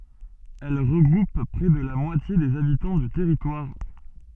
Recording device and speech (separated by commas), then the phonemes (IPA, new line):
soft in-ear microphone, read sentence
ɛl ʁəɡʁup pʁɛ də la mwatje dez abitɑ̃ dy tɛʁitwaʁ